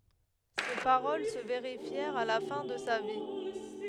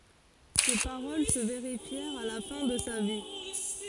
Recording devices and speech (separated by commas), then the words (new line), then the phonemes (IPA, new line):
headset microphone, forehead accelerometer, read sentence
Ces paroles se vérifièrent à la fin de sa vie.
se paʁol sə veʁifjɛʁt a la fɛ̃ də sa vi